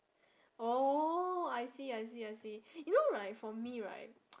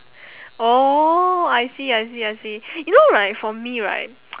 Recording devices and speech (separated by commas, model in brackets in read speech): standing microphone, telephone, conversation in separate rooms